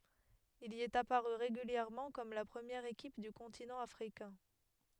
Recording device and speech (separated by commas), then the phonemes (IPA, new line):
headset microphone, read sentence
il i ɛt apaʁy ʁeɡyljɛʁmɑ̃ kɔm la pʁəmjɛʁ ekip dy kɔ̃tinɑ̃ afʁikɛ̃